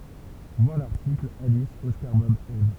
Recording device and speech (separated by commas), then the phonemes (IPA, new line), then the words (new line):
temple vibration pickup, read sentence
vwaʁ laʁtikl alis ɔskaʁ bɔb ɛv
Voir l'article Alice Oscar Bob Eve.